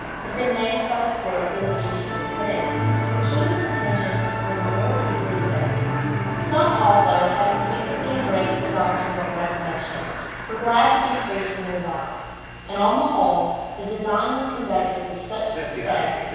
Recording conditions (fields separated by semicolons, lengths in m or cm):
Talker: one person; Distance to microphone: 7.1 m; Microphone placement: far; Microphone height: 1.7 m; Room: very reverberant, large; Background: television